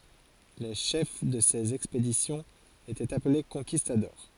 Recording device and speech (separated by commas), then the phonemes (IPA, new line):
forehead accelerometer, read sentence
le ʃɛf də sez ɛkspedisjɔ̃z etɛt aple kɔ̃kistadɔʁ